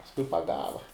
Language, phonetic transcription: Lithuanian, pasˈkui paˈgava

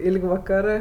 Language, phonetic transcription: Lithuanian, ˈilg' vaˈkarɜ

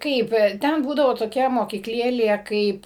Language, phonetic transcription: Lithuanian, ˈkaip ˈten ˈbūdavo toˈkia mokykˈlėlė ˈkaip

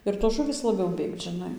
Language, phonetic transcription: Lithuanian, ir tos ˈžuvys laˈbiau ˈbėgt žiˈnai

